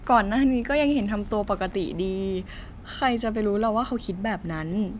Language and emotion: Thai, sad